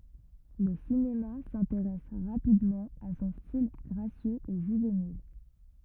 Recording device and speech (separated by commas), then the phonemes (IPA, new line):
rigid in-ear microphone, read sentence
lə sinema sɛ̃teʁɛs ʁapidmɑ̃ a sɔ̃ stil ɡʁasjøz e ʒyvenil